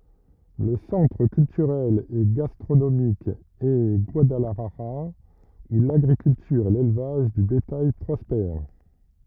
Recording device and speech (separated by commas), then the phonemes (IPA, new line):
rigid in-ear microphone, read sentence
lə sɑ̃tʁ kyltyʁɛl e ɡastʁonomik ɛ ɡwadalaʒaʁa u laɡʁikyltyʁ e lelvaʒ də betaj pʁɔspɛʁ